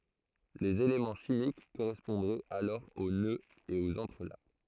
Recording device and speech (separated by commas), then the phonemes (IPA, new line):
throat microphone, read sentence
lez elemɑ̃ ʃimik koʁɛspɔ̃dʁɛt alɔʁ o nøz e oz ɑ̃tʁəlak